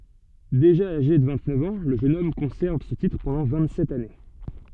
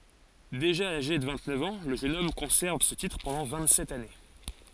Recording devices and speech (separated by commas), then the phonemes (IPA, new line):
soft in-ear microphone, forehead accelerometer, read sentence
deʒa aʒe də vɛ̃ɡtnœf ɑ̃ lə ʒøn ɔm kɔ̃sɛʁv sə titʁ pɑ̃dɑ̃ vɛ̃ɡtsɛt ane